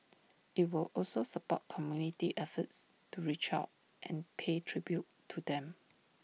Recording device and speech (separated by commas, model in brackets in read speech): mobile phone (iPhone 6), read sentence